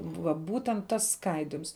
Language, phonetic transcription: Lithuanian, va ˈbūtent ˈtas ˈskaidims

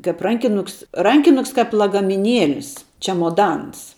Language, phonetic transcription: Lithuanian, kap ˈrankinuks ˈrankinuks kap lagamiˈnielis ˈčemodans

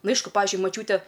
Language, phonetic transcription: Lithuanian, ˈnu ˈaišku ˈpavizdžiui maˈčiūte

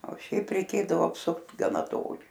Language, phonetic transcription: Lithuanian, o ˈšiaip reiˈkėdavo apˈsukt gaˈna ˈtoli

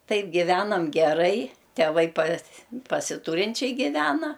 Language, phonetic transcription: Lithuanian, ˈtaip giˈvenam geˈrai teˈvai pas pasiˈtūrinčiai giˈvena

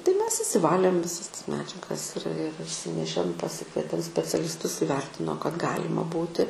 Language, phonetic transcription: Lithuanian, tai ˈmes išsiˈvalėm viˈsas tas ˈmedžiagas ir ir išˈsinešėm paˈsikvietėm specialisˈtus iˈvertino kad ˈgalima ˈbūti

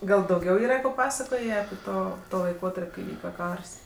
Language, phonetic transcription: Lithuanian, ˈgal dauˈgiau ˈyra ko ˈpapasakojė api ˈto ˈto laiˈkotarp' kai ˈvyka ˈkars

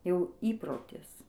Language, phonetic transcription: Lithuanian, jau ˈįprotis

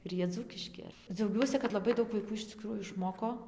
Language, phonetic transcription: Lithuanian, ir ˈjie ˈdzūkiški dziauˈgiuosi kad laˈbai ˈdaug vaiˈkų iš ciˈkrųjų išˈmoko

